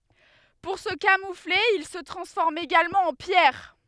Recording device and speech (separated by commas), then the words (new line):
headset microphone, read sentence
Pour se camoufler ils se transforment également en pierre.